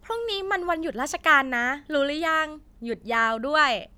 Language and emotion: Thai, happy